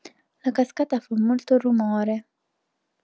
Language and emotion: Italian, sad